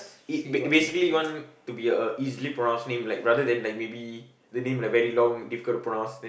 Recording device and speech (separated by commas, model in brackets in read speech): boundary microphone, conversation in the same room